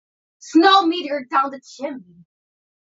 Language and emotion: English, disgusted